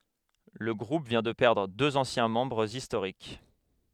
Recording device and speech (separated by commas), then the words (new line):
headset microphone, read sentence
Le groupe vient de perdre deux anciens membres historiques.